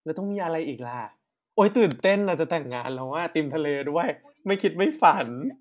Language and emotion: Thai, happy